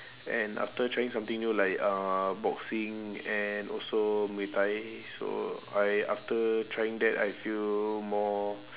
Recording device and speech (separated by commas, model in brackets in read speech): telephone, conversation in separate rooms